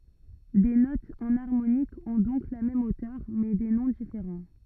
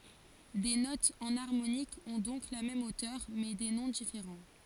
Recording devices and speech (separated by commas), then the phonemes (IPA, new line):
rigid in-ear microphone, forehead accelerometer, read sentence
de notz ɑ̃naʁmonikz ɔ̃ dɔ̃k la mɛm otœʁ mɛ de nɔ̃ difeʁɑ̃